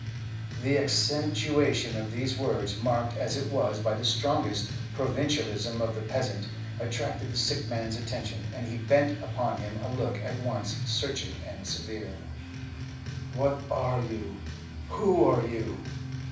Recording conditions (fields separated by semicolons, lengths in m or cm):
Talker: one person; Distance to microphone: 5.8 m; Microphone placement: far; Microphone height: 1.8 m; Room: medium-sized (5.7 m by 4.0 m); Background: music